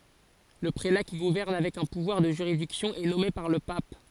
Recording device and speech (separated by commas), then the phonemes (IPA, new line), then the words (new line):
forehead accelerometer, read sentence
lə pʁela ki ɡuvɛʁn avɛk œ̃ puvwaʁ də ʒyʁidiksjɔ̃ ɛ nɔme paʁ lə pap
Le prélat qui gouverne avec un pouvoir de juridiction est nommé par le pape.